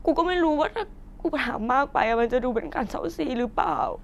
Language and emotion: Thai, sad